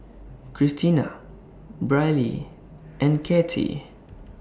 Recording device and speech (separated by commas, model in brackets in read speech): standing microphone (AKG C214), read sentence